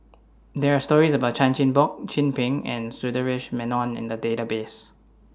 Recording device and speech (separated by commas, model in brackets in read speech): standing microphone (AKG C214), read sentence